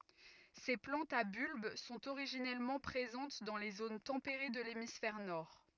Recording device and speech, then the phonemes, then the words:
rigid in-ear microphone, read sentence
se plɑ̃tz a bylb sɔ̃t oʁiʒinɛlmɑ̃ pʁezɑ̃t dɑ̃ le zon tɑ̃peʁe də lemisfɛʁ nɔʁ
Ces plantes à bulbe sont originellement présentes dans les zones tempérées de l'hémisphère nord.

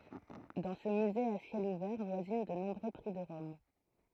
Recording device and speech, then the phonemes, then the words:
throat microphone, read sentence
dɑ̃ sə myze a sjɛl uvɛʁ vwazin də nɔ̃bʁø pʁi də ʁɔm
Dans ce musée à ciel ouvert voisinent de nombreux prix de Rome.

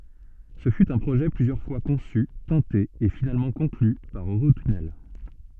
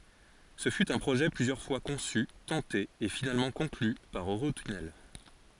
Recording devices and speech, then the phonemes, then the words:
soft in-ear microphone, forehead accelerometer, read sentence
sə fy œ̃ pʁoʒɛ plyzjœʁ fwa kɔ̃sy tɑ̃te e finalmɑ̃ kɔ̃kly paʁ øʁotynɛl
Ce fut un projet plusieurs fois conçu, tenté et finalement conclu par Eurotunnel.

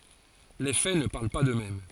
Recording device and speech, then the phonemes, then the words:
forehead accelerometer, read sentence
le fɛ nə paʁl pa døksmɛm
Les faits ne parlent pas d’eux-mêmes.

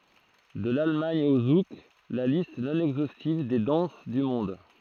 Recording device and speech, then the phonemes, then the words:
throat microphone, read sentence
də lalmɑ̃d o zuk la list nɔ̃ ɛɡzostiv de dɑ̃s dy mɔ̃d
De l'Allemande au Zouk, la liste non exhaustive des danses du monde.

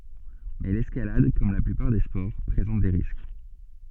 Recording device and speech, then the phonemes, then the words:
soft in-ear microphone, read sentence
mɛ lɛskalad kɔm la plypaʁ de spɔʁ pʁezɑ̃t de ʁisk
Mais l'escalade, comme la plupart des sports, présente des risques.

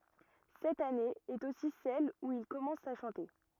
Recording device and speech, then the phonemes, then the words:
rigid in-ear microphone, read sentence
sɛt ane ɛt osi sɛl u il kɔmɑ̃s a ʃɑ̃te
Cette année est aussi celle où il commence à chanter.

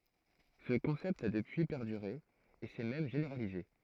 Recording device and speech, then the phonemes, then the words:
throat microphone, read sentence
sə kɔ̃sɛpt a dəpyi pɛʁdyʁe e sɛ mɛm ʒeneʁalize
Ce concept a depuis perduré, et s'est même généralisé.

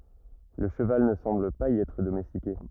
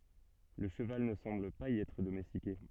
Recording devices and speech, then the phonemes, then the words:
rigid in-ear microphone, soft in-ear microphone, read sentence
lə ʃəval nə sɑ̃bl paz i ɛtʁ domɛstike
Le cheval ne semble pas y être domestiqué.

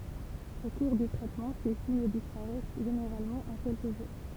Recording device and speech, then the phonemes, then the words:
temple vibration pickup, read sentence
o kuʁ dy tʁɛtmɑ̃ se siɲ dispaʁɛs ʒeneʁalmɑ̃ ɑ̃ kɛlkə ʒuʁ
Au cours du traitement, ces signes disparaissent généralement en quelques jours.

